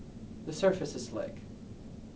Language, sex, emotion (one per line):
English
male
neutral